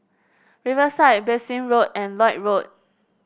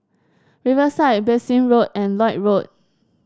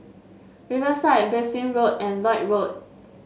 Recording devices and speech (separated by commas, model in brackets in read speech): boundary microphone (BM630), standing microphone (AKG C214), mobile phone (Samsung S8), read sentence